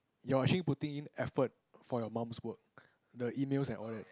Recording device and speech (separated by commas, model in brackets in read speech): close-talking microphone, conversation in the same room